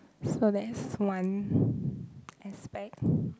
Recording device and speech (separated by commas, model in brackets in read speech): close-talking microphone, conversation in the same room